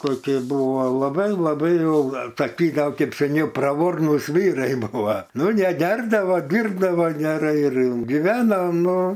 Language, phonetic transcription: Lithuanian, ˈkoki ˈbūva laˈbai laˈbai ˈjau taˈki ˈgal ˈkaip seˈniau praˈvornus ˈvyrai ˈbūva ˈnu neˈgerdavo ˈdyrbdavo geˈrai ir giˈveno ˈnu

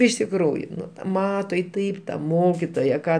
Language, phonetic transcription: Lithuanian, iš tikˈrųju ˈnu ˈmato i ˈtaip ta ˈmokitoja ˈką

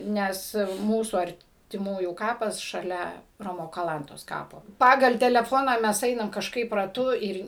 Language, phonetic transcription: Lithuanian, ˈnes ˈmūsų artiˈmųjų ˈkapas šaˈlia ˈromo kaˈlantos ˈkapo ˈpagal teleˈfona mes ˈeinam kažˈkaip raˈtu ˈir

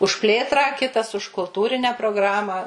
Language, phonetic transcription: Lithuanian, už ˈplėtrą ˈkitas už kulˈtūrine progˈrama

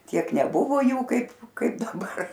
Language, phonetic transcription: Lithuanian, ˈtiek neˈbuvo ˈjų ˈkaip ˈkaip daˈbar

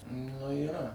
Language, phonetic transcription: Lithuanian, nu yˈra

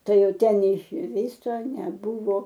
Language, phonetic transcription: Lithuanian, ˈtai ˈjau ˈten neišˈvyso neˈbuvo

